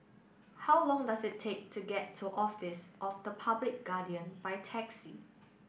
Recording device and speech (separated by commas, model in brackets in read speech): boundary microphone (BM630), read sentence